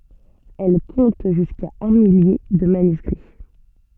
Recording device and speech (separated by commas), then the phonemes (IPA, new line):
soft in-ear microphone, read sentence
ɛl kɔ̃t ʒyska œ̃ milje də manyskʁi